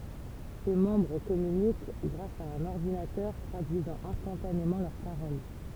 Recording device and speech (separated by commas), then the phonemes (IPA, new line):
temple vibration pickup, read sentence
se mɑ̃bʁ kɔmynik ɡʁas a œ̃n ɔʁdinatœʁ tʁadyizɑ̃ ɛ̃stɑ̃tanemɑ̃ lœʁ paʁol